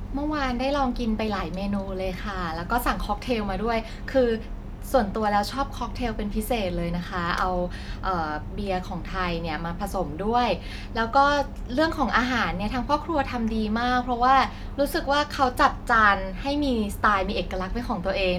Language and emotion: Thai, happy